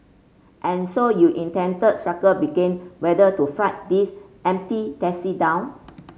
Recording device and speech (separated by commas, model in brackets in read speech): mobile phone (Samsung C5), read sentence